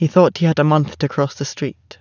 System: none